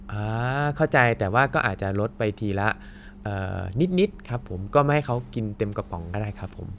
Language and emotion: Thai, neutral